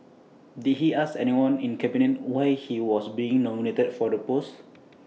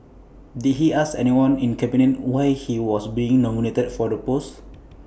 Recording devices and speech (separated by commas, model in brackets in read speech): mobile phone (iPhone 6), boundary microphone (BM630), read sentence